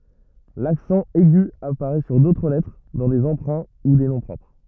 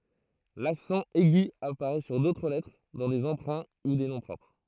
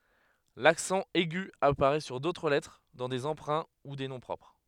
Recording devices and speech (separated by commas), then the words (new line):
rigid in-ear microphone, throat microphone, headset microphone, read sentence
L'accent aigu apparaît sur d'autres lettres dans des emprunts ou des noms propres.